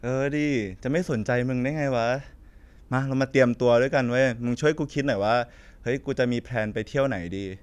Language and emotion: Thai, neutral